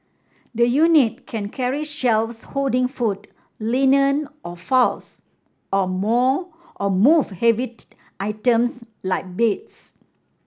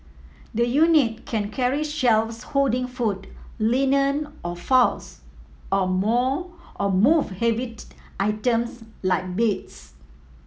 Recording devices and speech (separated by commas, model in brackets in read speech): standing microphone (AKG C214), mobile phone (iPhone 7), read sentence